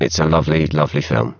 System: VC, spectral filtering